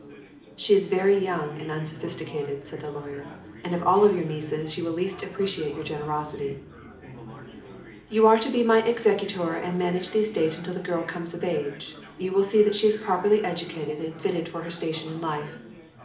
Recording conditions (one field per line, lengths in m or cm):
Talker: one person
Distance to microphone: 2.0 m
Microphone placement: close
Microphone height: 99 cm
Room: medium-sized (5.7 m by 4.0 m)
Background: babble